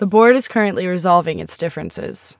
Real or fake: real